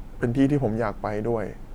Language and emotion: Thai, neutral